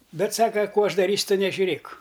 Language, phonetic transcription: Lithuanian, ˈbet ˈsaka ˈkų ˈaš daˈrysiu ˈtu nežiuˈrėk

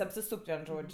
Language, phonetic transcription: Lithuanian, apsiˈsūk't' ˈvien ˈžodž'

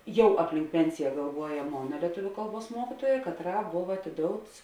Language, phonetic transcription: Lithuanian, ˈjau apˈlink ˈpensija galˈvuoja ˈmona lieˈtuviu ˈkalˌbuos ˈmuokituoja katˈrā ˈbov atiˈdouts

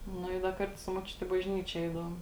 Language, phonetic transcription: Lithuanian, ˈnu i da ˈkartu su moˈčiuti i bažˈnyčė ˈeidavom

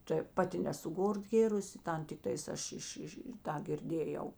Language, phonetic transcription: Lithuanian, tai ˈpaˌti nesu ˈgor ˈgėrusi ˈtan tikˈtais ˈaš ˈiš ˈiš i ˈtą girˈdėjau

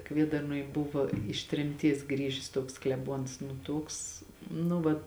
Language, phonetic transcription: Lithuanian, ˈkviedarnuoj ˈbuva iš tremˈties ˈgrįžis ˈtuoks kleˈbuons nu ˈtuoks nu ˈva

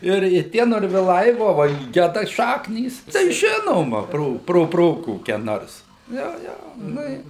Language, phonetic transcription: Lithuanian, ˈir i ˈtie norviˈlai ˈvo va i ˈgeda ˈšaknys tai ˈžinoma ˈpro pro ˈpro koˈkia ˈnors ˈjo ˈjo ˈnu i

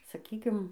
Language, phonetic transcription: Lithuanian, saˈkykim

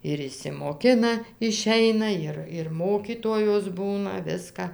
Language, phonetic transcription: Lithuanian, ir išsimoˈkina iˈšeina ˈjir ir ˈmokytojos ˈbūna ˈviska

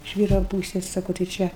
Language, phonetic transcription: Lithuanian, iš ˈvyra ˈpūsės ˈsako tai ˈčia

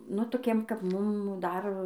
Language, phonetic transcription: Lithuanian, ˈnu toˈkiem kap ˈmum ˈdar

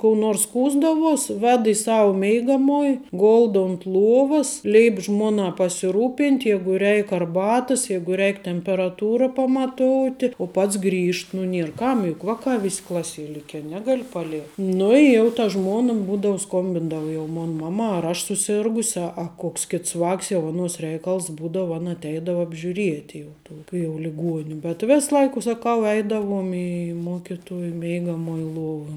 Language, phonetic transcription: Lithuanian, kou ˈnors ˈskųsdavuos ˈved i ˈsau ˈmeigamuoj ˈgoldo unt ˈluovas ˈleip ˈžmuonā pasiˈrūpint' ˈjeigu ˈreik arˈbatas ˈjeigu ˈreik temperaˈtūra pamaˈtouti u ˈpats ˈgrįžt nu ˈnier ˈkam juk ˈvakā ˈvis' ˈklasie ˈlike ˈnegali paˈlie ˈnu i jau ta ˈžmuona ˈbūdau ˈskombindava jau ˈmon ˈmamā ar ˈaš suˈsirgusi a a ˈkoks ˈkits ˈvāks jau aˈnuos ˈreikals ˈbūdavu ˈana atˈeidavo apžiuˈrieti jau ˈtuo kai jau liˈguoni bet ˈvės ˈlaika saˈkau ˈeidavuom i ˈmokituoj ˈmeigamuoj ˈluova

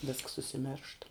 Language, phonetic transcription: Lithuanian, vėsks užsiˈmeršt

